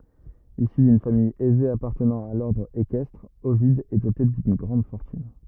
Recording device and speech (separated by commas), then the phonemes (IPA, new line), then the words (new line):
rigid in-ear microphone, read sentence
isy dyn famij ɛze apaʁtənɑ̃ a lɔʁdʁ ekɛstʁ ovid ɛ dote dyn ɡʁɑ̃d fɔʁtyn
Issu d'une famille aisée appartenant à l'ordre équestre, Ovide est doté d'une grande fortune.